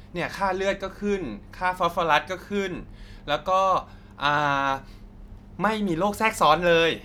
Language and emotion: Thai, neutral